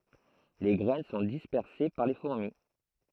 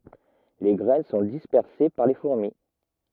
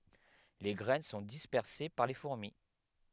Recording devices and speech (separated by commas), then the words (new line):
throat microphone, rigid in-ear microphone, headset microphone, read sentence
Les graines sont dispersées par les fourmis.